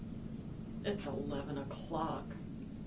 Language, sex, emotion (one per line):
English
female
sad